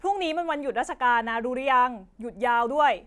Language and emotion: Thai, happy